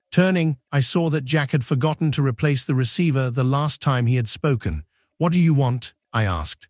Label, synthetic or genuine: synthetic